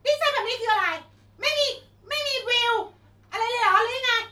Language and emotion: Thai, angry